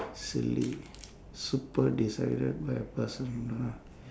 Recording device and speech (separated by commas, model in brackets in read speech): standing microphone, conversation in separate rooms